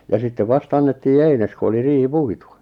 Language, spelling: Finnish, ja sitten vasta annettiin eines kun oli riihi puitu
- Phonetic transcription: ja 'sittev "vast ‿annettii "eines ku oli 'riihi "puitu .

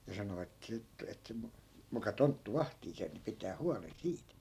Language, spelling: Finnish, ja sanoi että siitä että - muka tonttu vahtii sen ja pitää huolen siitä
- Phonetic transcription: ja 'sano et siit , et si- , 'muka 'tonttu "vahtii sen̬ ja pitää 'hualen "siit .

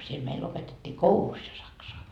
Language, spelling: Finnish, siellä meillä opetettiin koulussa jo saksaa
- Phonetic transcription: siel meil 'opetet́t́ii "koulus jo 'saksoa .

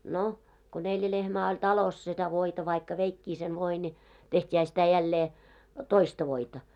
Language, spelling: Finnish, no kun neljä lehmää oli talossa sitä voita vaikka veikin sen voin niin tehtiinhän sitä jälleen toista voita
- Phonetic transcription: no , ko 'neljä 'lehmää oĺ "talos setä 'voita vaikka "veikkii sen 'voi ni , "teht́iihä sitä jällee , "toista 'voita .

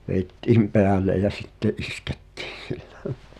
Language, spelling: Finnish, vedettiin päälle ja sitten iskettiin sillä
- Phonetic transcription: 'vèittiim "peäl̆lej̆ jä "sitte’ '’iskᴇttɪɪN̬ (sɪʟʟᴀ̈) .

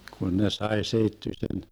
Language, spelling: Finnish, kun ne sai seittyisen
- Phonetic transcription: 'kun ne 'sae seittysen ,.

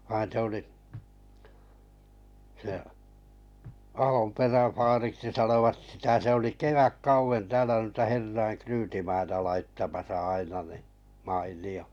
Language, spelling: Finnish, vaan se oli se Ahonperän vaariksi sanoivat sitä se oli kevätkauden täällä noita herrojen ryytimaita laittamassa aina niin mainio
- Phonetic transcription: vain 'se oli , se , 'Ahom'perän̬ 'faariksi sanovat sitä 'se oli "keväkkauven täälä nuita 'herraiŋ "kryytimaita laittamasa 'aina ni , ('mail̀i₍o) .

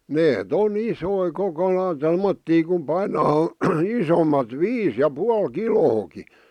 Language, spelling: Finnish, ne on isoja koko lailla tuommoisia kun painaa isommat viisi ja puoli kiloakin
- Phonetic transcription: nee"t ‿on "isoi 'koko lai "tommottii ku 'painaa 'isomat "viis ja 'pual "kilooki .

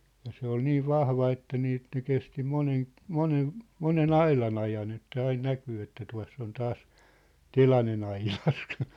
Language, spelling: Finnish, ja se oli niin vahva että niin että ne kesti monen monen monen aidan ajan että aina näkyy että tuossa se on taas telanen aidassa
- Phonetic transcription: ja 'se ‿ol 'niiv "vahva että nii ĕt ne 'kesti 'monen , 'monen , "mone"n ‿ailan ‿ajan ‿että ain 'näkyy että 'tua̭s s ‿on 'taas , "telanen ‿ailas .

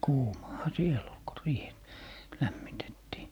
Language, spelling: Finnish, kuumahan siellä oli kun riihi lämmitettiin
- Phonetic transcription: "kuumaha 'siel ‿ol ko "riih , 'lämmitettii .

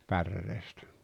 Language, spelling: Finnish, päreestä
- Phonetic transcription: pärreestᴀ̈ .

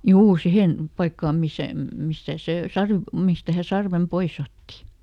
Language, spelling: Finnish, juu siihen paikkaan missä mistä se - mistä hän sarven pois otti
- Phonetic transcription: "juu ˈsihen , ˈpaikkaam misä , ˈmistä ˈse "sarv- , ˈmistä hä ˈsarvem "pois ‿otti .

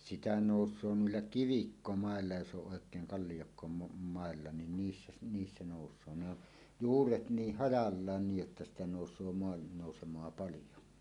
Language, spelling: Finnish, sitä nousee noilla kivikkomailla jos on oikein - kalliokkomailla niin niissä - niissä nousee ne on juuret niin hajallaan niin jotta sitä nousee maannousemaa paljon
- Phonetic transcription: 'sitä 'nòus̀oo 'nuilla "kivikkomaella jos 'oˀ 'ˀòek̀eeŋ 'kallijokkomo- '-màella nin 'niissä si- 'niissä nòus̀oo ne ‿o' , "juuret 'niih "hajallaan 'niij jotta sitä 'nòus̀oo 'moannòusem̀oa "palijo .

